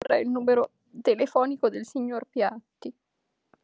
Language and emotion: Italian, sad